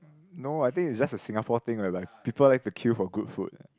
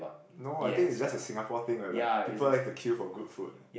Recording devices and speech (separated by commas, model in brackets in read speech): close-talking microphone, boundary microphone, conversation in the same room